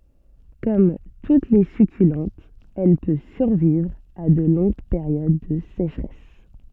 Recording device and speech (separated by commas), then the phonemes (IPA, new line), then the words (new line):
soft in-ear microphone, read sentence
kɔm tut le sykylɑ̃tz ɛl pø syʁvivʁ a də lɔ̃ɡ peʁjod də seʃʁɛs
Comme toutes les succulentes, elle peut survivre à de longues périodes de sécheresse.